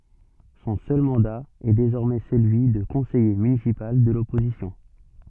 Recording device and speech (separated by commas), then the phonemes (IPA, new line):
soft in-ear microphone, read sentence
sɔ̃ sœl mɑ̃da ɛ dezɔʁmɛ səlyi də kɔ̃sɛje mynisipal də lɔpozisjɔ̃